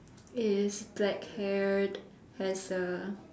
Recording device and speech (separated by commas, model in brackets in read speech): standing microphone, conversation in separate rooms